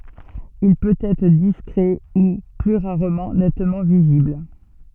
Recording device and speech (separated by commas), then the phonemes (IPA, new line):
soft in-ear microphone, read sentence
il pøt ɛtʁ diskʁɛ u ply ʁaʁmɑ̃ nɛtmɑ̃ vizibl